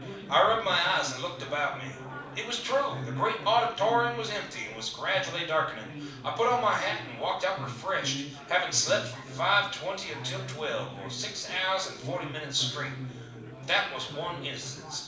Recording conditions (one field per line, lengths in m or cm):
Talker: one person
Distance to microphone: 5.8 m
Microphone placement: far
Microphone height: 1.8 m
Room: medium-sized (5.7 m by 4.0 m)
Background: babble